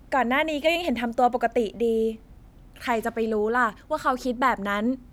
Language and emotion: Thai, neutral